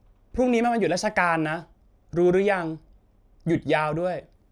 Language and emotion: Thai, frustrated